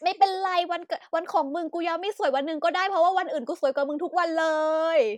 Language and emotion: Thai, happy